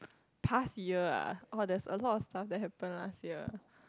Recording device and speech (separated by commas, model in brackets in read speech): close-talking microphone, conversation in the same room